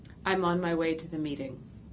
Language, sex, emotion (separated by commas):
English, female, neutral